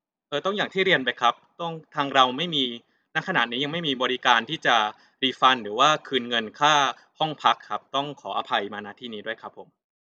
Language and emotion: Thai, neutral